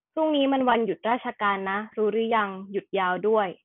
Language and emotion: Thai, neutral